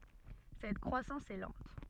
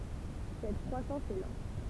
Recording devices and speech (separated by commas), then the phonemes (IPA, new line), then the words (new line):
soft in-ear microphone, temple vibration pickup, read sentence
sɛt kʁwasɑ̃s ɛ lɑ̃t
Cette croissance est lente.